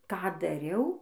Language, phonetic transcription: Lithuanian, ˈką daˈriau

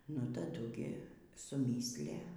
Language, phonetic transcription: Lithuanian, nu taˈdu gi suˈmyslæ

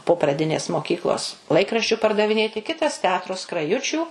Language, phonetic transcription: Lithuanian, po praˈdinės moˈkyklos ˈlaikraščiu pardaviˈnėti ˈkitas teˈatro skraˈjučių

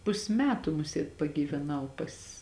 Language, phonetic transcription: Lithuanian, ˈpus' ˈmetu ˈmusiet pagyveˈnau pas

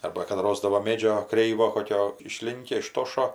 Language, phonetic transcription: Lithuanian, ˈarba kad ˈrosdavo ˈmėdžio ˈkreivo ˈkokio išˈlinkia iˈštošo

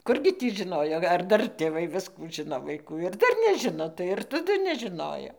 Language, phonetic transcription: Lithuanian, ˈkurgi tį žɨˈnojo ar ˈdar tėˈvai ˈviskų ˈžɨno vaiˈkų ir ˈdar neˈžino tai ir taˈdu nežiˈnojo

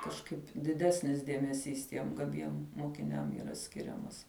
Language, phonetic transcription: Lithuanian, kažˈkaip diˈdesnis dėmeˈsys ˈtiem gaˈbiem mokiˈniam yˈra ˈskiriamas

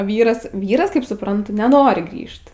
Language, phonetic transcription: Lithuanian, ˈvyras ˈvyras kaip supranˈtu neˈnori ˈgrįžt

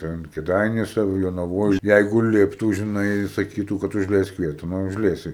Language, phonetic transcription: Lithuanian, ˈten kiˈdainiuose ar jonaˈvoj ˈjeigu ˈliptų žiˈnai saˈkytų kad užˈleisk ˈvieta ˈnu užˈleisi

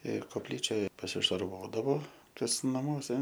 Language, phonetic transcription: Lithuanian, ir kopˈlyčioj pasišarˈvodavo kas naˈmuose

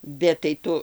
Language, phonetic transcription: Lithuanian, bet tai ˈtu

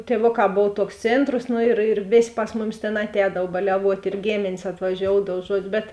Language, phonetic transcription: Lithuanian, tieˈvoˌkā ˈbov ˈtouks ˈcėntros ˈnu ir ir ˈvės' ˈpas muˌmis tėn atˈēdav baliaˈvuot' ir ˈgėmėnės atvaˈžioudav ˈžuodž ˈbet

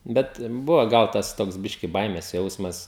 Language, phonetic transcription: Lithuanian, ˈbet ˈbuvo ˈgal ˈtas ˈtoks ˈbiški ˈbaimės ˈjausmas

